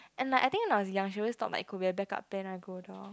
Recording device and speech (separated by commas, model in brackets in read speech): close-talking microphone, conversation in the same room